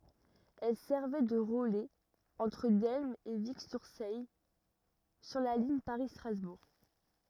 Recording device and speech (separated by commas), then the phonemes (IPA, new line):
rigid in-ear microphone, read sentence
ɛl sɛʁvɛ də ʁəlɛz ɑ̃tʁ dɛlm e viksyʁsɛj syʁ la liɲ paʁistʁazbuʁ